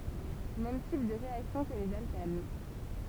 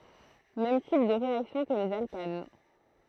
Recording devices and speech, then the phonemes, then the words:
temple vibration pickup, throat microphone, read sentence
mɛm tip də ʁeaksjɔ̃ kə lez alkan
Mêmes types de réactions que les alcanes.

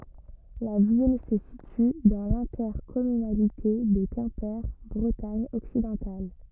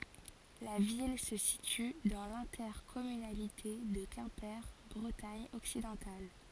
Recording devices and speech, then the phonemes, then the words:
rigid in-ear microphone, forehead accelerometer, read sentence
la vil sə sity dɑ̃ lɛ̃tɛʁkɔmynalite də kɛ̃pe bʁətaɲ ɔksidɑ̃tal
La ville se situe dans l'intercommunalité de Quimper Bretagne occidentale.

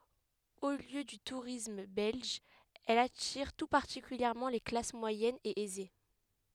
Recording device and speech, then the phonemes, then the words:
headset microphone, read sentence
o ljø dy tuʁism bɛlʒ ɛl atiʁ tu paʁtikyljɛʁmɑ̃ le klas mwajɛnz e ɛze
Haut lieu du tourisme belge, elle attire tout particulièrement les classes moyennes et aisées.

